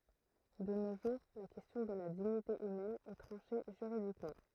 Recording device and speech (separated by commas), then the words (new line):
throat microphone, read sentence
De nos jours la question de la dignité humaine est tranchée juridiquement.